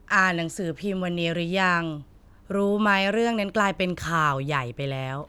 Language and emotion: Thai, frustrated